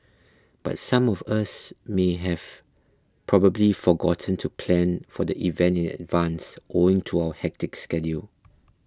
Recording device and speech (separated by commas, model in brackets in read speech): close-talking microphone (WH20), read sentence